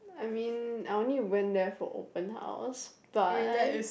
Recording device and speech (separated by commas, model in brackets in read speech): boundary microphone, conversation in the same room